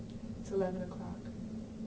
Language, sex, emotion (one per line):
English
female
neutral